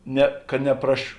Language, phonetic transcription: Lithuanian, ˈne ka nepraš

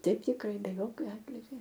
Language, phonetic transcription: Lithuanian, ˈteip tikˈrai be ˈjokio ˈatligio

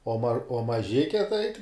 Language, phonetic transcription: Lithuanian, o mar o maˈžike tai

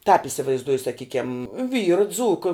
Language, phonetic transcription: Lithuanian, tāp isivaizˈduoju saˈkykiam ˈvyra ˈdzūka

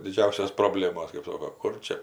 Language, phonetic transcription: Lithuanian, diˈdžiausios proˈblėmos kɜp ˈsoko ˈkur čia

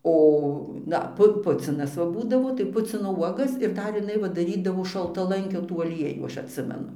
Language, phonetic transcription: Lithuanian, ˈo ˈda ˈpu ˈpucinas va ˈbūdavo tai ˈpucino ˈuogas ir ˈdar jiˈnai va daˈrydavo šaltaˈlankio tų aˈliejų ˈaš atˈsimenu

